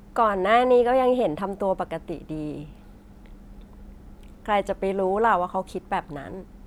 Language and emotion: Thai, neutral